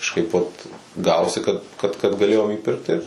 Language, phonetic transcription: Lithuanian, kažˈkaip vat ˈgavosi kad ˈkad kad gaˈlėjom įˈpirkt tai ˈir

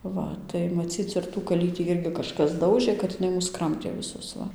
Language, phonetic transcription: Lithuanian, ˈva tai maˈcyc ir tų kaˈlytį ˈirgi kažˈkas ˈdaužɘ kad jiˈnai ˈmus ˈkramtė viˈsus ˈva

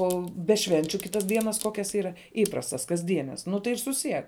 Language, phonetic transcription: Lithuanian, ˈo be ˈšvenčiu ˈkitas ˈdienas ˈkokias ˈyra ˈįprastas kasˈdienes ˈnu tai ir suˈsiek

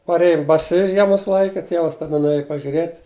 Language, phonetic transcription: Lithuanian, parˈėjum baˈsi ˈžiemus ˈlaike ˈtievas taˈda nuˈėju pažiuˈrėt'

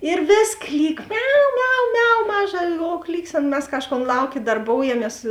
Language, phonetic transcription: Lithuanian, ir ˈvės ˈklyk ˈmiau ˈmiau ˈmiau ˈmaˌža o ˈklyksėna mes ˈkažˌkon ˈlauˌkė darˈboujamies

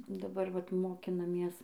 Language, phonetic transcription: Lithuanian, daˈbar ˈvat mokinaˈmies

